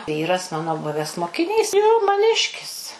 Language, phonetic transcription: Lithuanian, ˈvyras ˈmano ˈbuves mokiˈnys jo maˈniškis

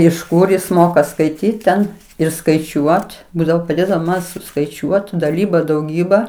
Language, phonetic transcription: Lithuanian, iš ˈkur ˈjis ˈmoka skaiˈtyt ten ir skaiˈčiuot ˈbūdavo paˈdėdavo man suskaiˈčiuot daˈlyba dauˈgyba

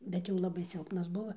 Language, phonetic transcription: Lithuanian, ˈbet jau ˈlabai ˈsilpnas ˈbuva

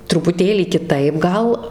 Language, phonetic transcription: Lithuanian, trupuˈtėlį kiˈtaip ˈgal

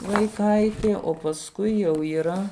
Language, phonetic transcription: Lithuanian, vaiˈkaitė o pasˈkui jau yˈra

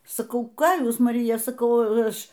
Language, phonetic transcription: Lithuanian, saˈkau ˈką ˈjūs maˈrija saˈkau ˈaš

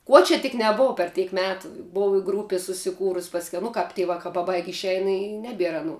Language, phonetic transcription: Lithuanian, ˈkuo čia tik neˈbov per ˈteik ˈmetu ˈbov i ˈgrūpi susiˈkūrus' pasˈkiau nu ˈkap ti ˈvakā paˈbaig' išˈein i ˈnebier aˈnų

